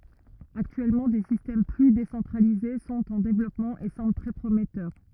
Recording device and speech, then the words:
rigid in-ear microphone, read sentence
Actuellement, des systèmes plus décentralisés sont en développement et semblent très prometteurs.

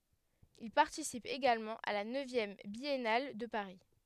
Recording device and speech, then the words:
headset microphone, read sentence
Il participe également à la neuvième Biennale de Paris.

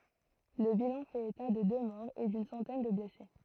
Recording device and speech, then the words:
throat microphone, read sentence
Le bilan fait état de deux morts et d'une centaine de blessés.

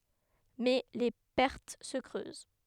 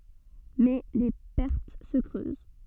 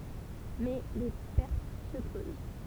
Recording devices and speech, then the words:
headset microphone, soft in-ear microphone, temple vibration pickup, read sentence
Mais les pertes se creusent.

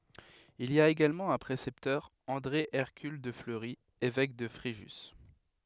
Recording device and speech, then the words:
headset microphone, read sentence
Il y a également un précepteur, André Hercule de Fleury, évêque de Fréjus.

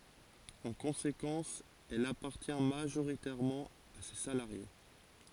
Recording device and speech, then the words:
forehead accelerometer, read sentence
En conséquence, elle appartient majoritairement à ses salariés.

